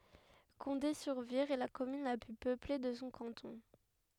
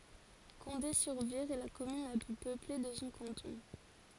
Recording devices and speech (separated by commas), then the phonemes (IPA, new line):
headset microphone, forehead accelerometer, read sentence
kɔ̃de syʁ viʁ ɛ la kɔmyn la ply pøple də sɔ̃ kɑ̃tɔ̃